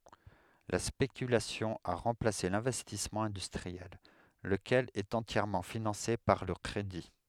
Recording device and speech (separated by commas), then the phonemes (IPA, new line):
headset microphone, read sentence
la spekylasjɔ̃ a ʁɑ̃plase lɛ̃vɛstismɑ̃ ɛ̃dystʁiɛl ləkɛl ɛt ɑ̃tjɛʁmɑ̃ finɑ̃se paʁ lə kʁedi